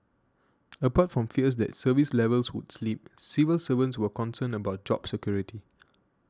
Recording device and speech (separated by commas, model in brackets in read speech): standing microphone (AKG C214), read sentence